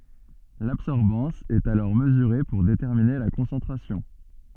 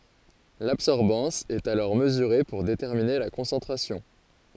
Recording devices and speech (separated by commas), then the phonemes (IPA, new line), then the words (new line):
soft in-ear microphone, forehead accelerometer, read sentence
labsɔʁbɑ̃s ɛt alɔʁ məzyʁe puʁ detɛʁmine la kɔ̃sɑ̃tʁasjɔ̃
L'absorbance est alors mesurée pour déterminer la concentration.